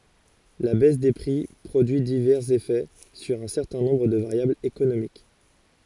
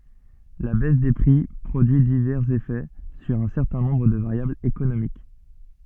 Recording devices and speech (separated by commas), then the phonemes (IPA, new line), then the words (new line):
forehead accelerometer, soft in-ear microphone, read sentence
la bɛs de pʁi pʁodyi divɛʁz efɛ syʁ œ̃ sɛʁtɛ̃ nɔ̃bʁ də vaʁjablz ekonomik
La baisse des prix produit divers effets sur un certain nombre de variables économiques.